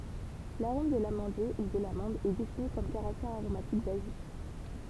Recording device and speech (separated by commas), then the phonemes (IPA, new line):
temple vibration pickup, read sentence
laʁom də lamɑ̃dje u də lamɑ̃d ɛ defini kɔm kaʁaktɛʁ aʁomatik bazik